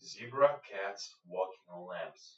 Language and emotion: English, neutral